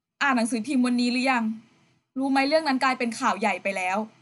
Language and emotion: Thai, frustrated